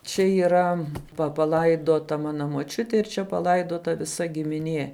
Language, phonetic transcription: Lithuanian, ˈčia yˈra pa paˈlaidota ˈmana moˈčiuti ir ˈčia paˈlaidota viˈsa gimiˈnie

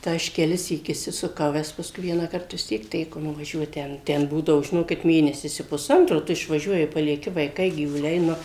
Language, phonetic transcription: Lithuanian, tai ˈaš keˈlisyk išsisuˈkau ˈves pasˈkui ˈvienąkart vis ˈtiek ˈteko nuvaˈžiuot ˈten ˈten ˈbūdavo žiˈnokit ˈmėnesis i puˈsantro ˈtu išvaˈžiuoji palieˈki vaiˈkai gyvuˈliai ˈnu

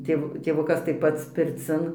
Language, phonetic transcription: Lithuanian, ˈtėv tėˈvukas tai ˈpats pirˈcin

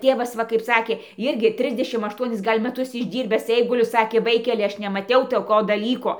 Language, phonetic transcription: Lithuanian, ˈtėvas ˈva kaip ˈsakė ˈirgi ˈtrisdešim ašˈtuonis ˈgal' mæˈtus išˈdyrbęs ˈeiguliu ˈsakė ˈvaikeli ˈaš nemaˈtiau toˈko daˈlyko

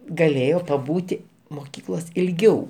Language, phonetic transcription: Lithuanian, gaˈlėjo paˈbūti moˈkyklos' ilˈgiau

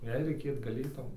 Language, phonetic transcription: Lithuanian, ˈjei reiˈkėt gaˈlėtau

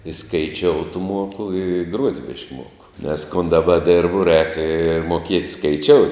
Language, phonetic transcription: Lithuanian, i skaiˈčiout ˈmuoku i i gruot' bišk ˈmuoku nes kun daˈba ˈdirbu rēk i moˈkiet' skaiˈčiout'

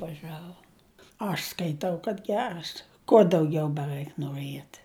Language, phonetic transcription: Lithuanian, vaˈžavo aš skaiˈtau kad ˈgeras kuo dauˈgiau beˈraik noˈriet

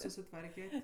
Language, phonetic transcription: Lithuanian, susiˈtvarket'

